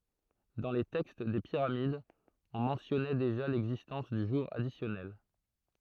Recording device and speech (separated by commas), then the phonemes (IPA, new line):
throat microphone, read sentence
dɑ̃ le tɛkst de piʁamidz ɔ̃ mɑ̃tjɔnɛ deʒa lɛɡzistɑ̃s dy ʒuʁ adisjɔnɛl